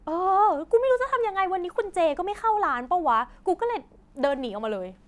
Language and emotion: Thai, frustrated